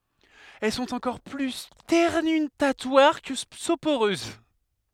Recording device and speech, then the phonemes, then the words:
headset microphone, read sentence
ɛl sɔ̃t ɑ̃kɔʁ ply stɛʁnytatwaʁ kə sopoʁøz
Elles sont encore plus sternutatoires que soporeuses.

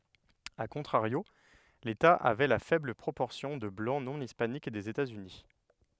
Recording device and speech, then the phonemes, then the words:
headset microphone, read sentence
a kɔ̃tʁaʁjo leta avɛ la fɛbl pʁopɔʁsjɔ̃ də blɑ̃ nɔ̃ ispanik dez etazyni
A contrario, l'État avait la faible proportion de Blancs non hispaniques des États-Unis.

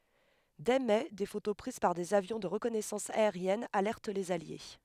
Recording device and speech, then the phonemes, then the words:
headset microphone, read sentence
dɛ mɛ de foto pʁiz paʁ dez avjɔ̃ də ʁəkɔnɛsɑ̃s aeʁjɛn alɛʁt lez alje
Dès mai des photos prises par des avions de reconnaissance aérienne alertent les alliés.

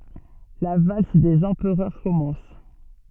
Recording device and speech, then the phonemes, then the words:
soft in-ear microphone, read sentence
la vals dez ɑ̃pʁœʁ kɔmɑ̃s
La valse des empereurs commence.

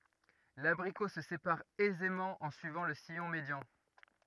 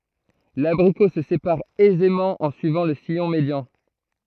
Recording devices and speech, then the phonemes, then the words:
rigid in-ear microphone, throat microphone, read sentence
labʁiko sə sepaʁ ɛzemɑ̃ ɑ̃ syivɑ̃ lə sijɔ̃ medjɑ̃
L'abricot se sépare aisément en suivant le sillon médian.

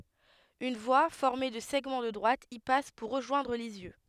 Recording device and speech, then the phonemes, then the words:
headset microphone, read sentence
yn vwa fɔʁme də sɛɡmɑ̃ də dʁwat i pas puʁ ʁəʒwɛ̃dʁ lizjø
Une voie, formée de segments de droite, y passe pour rejoindre Lisieux.

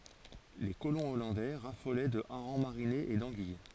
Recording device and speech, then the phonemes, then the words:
forehead accelerometer, read sentence
le kolɔ̃ ɔlɑ̃dɛ ʁafolɛ də aʁɑ̃ maʁinez e dɑ̃ɡij
Les colons hollandais raffolaient de harengs marinés et d'anguilles.

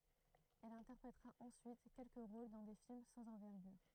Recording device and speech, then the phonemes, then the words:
throat microphone, read sentence
ɛl ɛ̃tɛʁpʁetʁa ɑ̃syit kɛlkə ʁol dɑ̃ de film sɑ̃z ɑ̃vɛʁɡyʁ
Elle interprétera ensuite quelques rôles dans des films sans envergure.

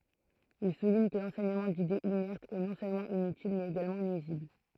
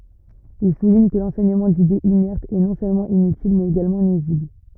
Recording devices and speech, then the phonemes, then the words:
throat microphone, rigid in-ear microphone, read sentence
il suliɲ kə lɑ̃sɛɲəmɑ̃ didez inɛʁtz ɛ nɔ̃ sølmɑ̃ inytil mɛz eɡalmɑ̃ nyizibl
Il souligne que l'enseignement d'idées inertes est, non seulement inutile, mais également nuisible.

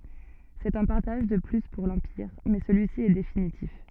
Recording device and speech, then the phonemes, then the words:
soft in-ear microphone, read sentence
sɛt œ̃ paʁtaʒ də ply puʁ lɑ̃piʁ mɛ səlyisi ɛ definitif
C'est un partage de plus pour l'Empire mais celui-ci est définitif.

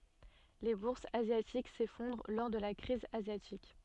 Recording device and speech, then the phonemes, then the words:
soft in-ear microphone, read sentence
le buʁsz azjatik sefɔ̃dʁ lɔʁ də la kʁiz azjatik
Les bourses asiatiques s'effondrent lors de la crise asiatique.

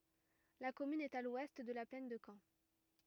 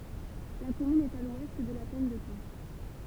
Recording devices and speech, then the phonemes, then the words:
rigid in-ear microphone, temple vibration pickup, read sentence
la kɔmyn ɛt a lwɛst də la plɛn də kɑ̃
La commune est à l'ouest de la plaine de Caen.

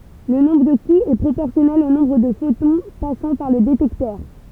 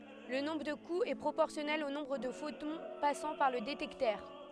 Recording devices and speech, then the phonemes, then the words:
temple vibration pickup, headset microphone, read sentence
lə nɔ̃bʁ də kuz ɛ pʁopɔʁsjɔnɛl o nɔ̃bʁ də fotɔ̃ pasɑ̃ paʁ lə detɛktœʁ
Le nombre de coups est proportionnel au nombre de photons passant par le détecteur.

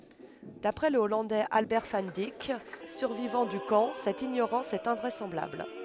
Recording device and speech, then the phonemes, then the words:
headset microphone, read sentence
dapʁɛ lə ɔlɑ̃dɛz albɛʁ van dik syʁvivɑ̃ dy kɑ̃ sɛt iɲoʁɑ̃s ɛt ɛ̃vʁɛsɑ̃blabl
D'après le Hollandais Albert van Dijk, survivant du camp, cette ignorance est invraisemblable.

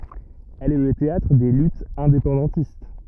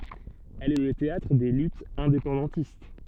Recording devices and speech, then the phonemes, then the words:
rigid in-ear microphone, soft in-ear microphone, read sentence
ɛl ɛ lə teatʁ de lytz ɛ̃depɑ̃dɑ̃tist
Elle est le théâtre des luttes indépendantistes.

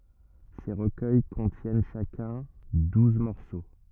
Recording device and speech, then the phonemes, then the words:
rigid in-ear microphone, read sentence
se ʁəkœj kɔ̃tjɛn ʃakœ̃ duz mɔʁso
Ces recueils contiennent chacun douze morceaux.

